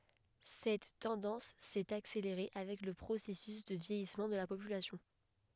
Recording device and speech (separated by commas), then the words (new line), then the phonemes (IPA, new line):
headset microphone, read sentence
Cette tendance s'est accélérée avec le processus de vieillissement de la population.
sɛt tɑ̃dɑ̃s sɛt akseleʁe avɛk lə pʁosɛsys də vjɛjismɑ̃ də la popylasjɔ̃